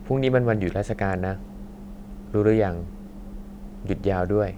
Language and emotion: Thai, neutral